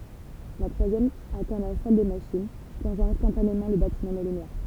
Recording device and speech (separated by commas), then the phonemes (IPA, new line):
temple vibration pickup, read sentence
la tʁwazjɛm atɛ̃ la sal de maʃin plɔ̃ʒɑ̃ ɛ̃stɑ̃tanemɑ̃ lə batimɑ̃ dɑ̃ lə nwaʁ